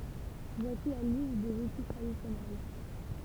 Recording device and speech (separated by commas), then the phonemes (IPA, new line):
temple vibration pickup, read sentence
vwasi la list dez uti tʁadisjɔnɛl